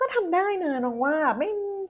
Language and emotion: Thai, happy